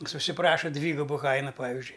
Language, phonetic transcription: Lithuanian, jis užsiˈpraša ˈdvygubu ˈkaina ˈpavizdžiui

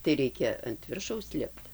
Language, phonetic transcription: Lithuanian, tai ˈreikia ant ˈviršaus ˈlipt

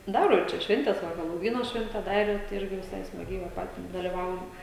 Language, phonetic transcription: Lithuanian, ˈdaro ir ˈčia ˈšventes va helouˈvyno ˈšvente ˈdarė tai ˈirgi viˈsai smaˈgiai va ˈpatis daliˈvaujam

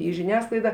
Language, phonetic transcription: Lithuanian, į žiˈniasklaida

